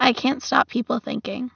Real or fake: real